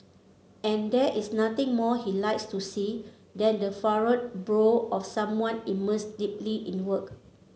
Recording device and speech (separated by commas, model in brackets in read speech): mobile phone (Samsung C7), read sentence